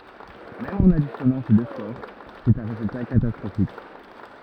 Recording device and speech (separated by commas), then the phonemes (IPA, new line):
rigid in-ear microphone, read sentence
mɛm ɑ̃n adisjɔnɑ̃ se dø skoʁ sɛt œ̃ ʁezylta katastʁofik